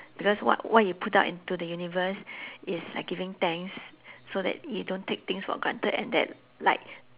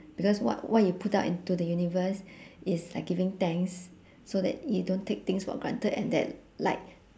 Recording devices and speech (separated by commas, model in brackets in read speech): telephone, standing microphone, conversation in separate rooms